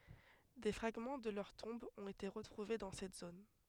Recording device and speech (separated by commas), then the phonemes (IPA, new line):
headset microphone, read sentence
de fʁaɡmɑ̃ də lœʁ tɔ̃bz ɔ̃t ete ʁətʁuve dɑ̃ sɛt zon